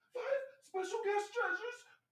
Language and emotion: English, fearful